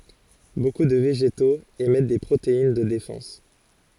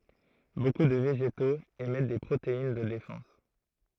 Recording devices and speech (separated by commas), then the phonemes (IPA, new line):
forehead accelerometer, throat microphone, read sentence
boku də veʒetoz emɛt de pʁotein də defɑ̃s